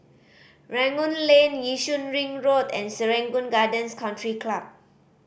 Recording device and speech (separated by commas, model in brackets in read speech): boundary microphone (BM630), read sentence